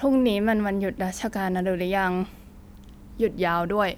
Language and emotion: Thai, frustrated